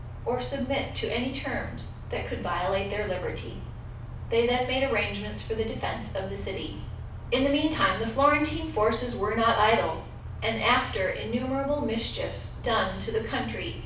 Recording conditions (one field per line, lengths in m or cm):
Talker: one person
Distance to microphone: 5.8 m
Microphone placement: far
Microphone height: 1.8 m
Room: medium-sized (5.7 m by 4.0 m)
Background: none